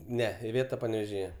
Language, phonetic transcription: Lithuanian, ˈne iˈvėta panevėžiˈje

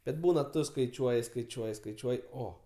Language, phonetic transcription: Lithuanian, bet ˈbūna ˈtu skaiˈčiuoji skaiˈčiuoji skaiˈčiuoji ˈo

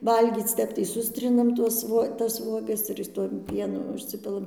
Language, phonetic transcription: Lithuanian, ˈvalgyc ˈtep tai ˈsustrinam ˈtuos vuo tas ˈvuogas ir ˈtuom ˈpienu užˈsipilam

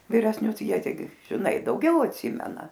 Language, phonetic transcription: Lithuanian, viresˈnius ˈjie teiˈgi žiˈnai dauˈgiau atˈsimena

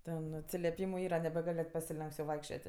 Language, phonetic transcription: Lithuanian, ˈten atsileˈpymu ˈyra nebeˈgal' net pasiˈlenks jau ˈvaikščiot'

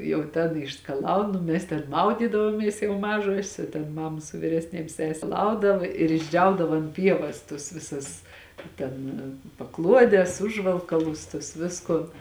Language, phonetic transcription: Lithuanian, jau ˈten išskaˈlaun o ˈmes ten ˈmaudydavomies jau ˈmažuosės o ten ˈmama su vyresˈnėm ˈsese ˈplaudava ir išˈdžiaudava ant ˈpievas tus ˈvisus ˈten paˈkluodes ˈužvalkalus tuos ˈviskon

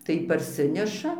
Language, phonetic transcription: Lithuanian, tai parˈsineša

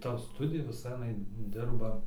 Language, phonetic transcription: Lithuanian, ˈta ˈstudija viˈsa aˈnai ˈdirba

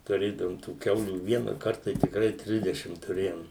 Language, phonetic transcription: Lithuanian, tuˈrėdavom tų ˈkiaulių ˈvienakart tai tikˈrai ˈtrisdešim tuˈrėjom

